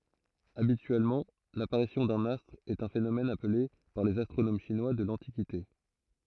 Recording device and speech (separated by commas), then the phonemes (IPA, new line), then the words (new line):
throat microphone, read sentence
abityɛlmɑ̃ lapaʁisjɔ̃ dœ̃n astʁ ɛt œ̃ fenomɛn aple paʁ lez astʁonom ʃinwa də lɑ̃tikite
Habituellement, l'apparition d'un astre est un phénomène appelé par les astronomes chinois de l'Antiquité.